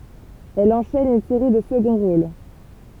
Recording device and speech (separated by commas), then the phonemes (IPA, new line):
temple vibration pickup, read sentence
ɛl ɑ̃ʃɛn yn seʁi də səɡɔ̃ ʁol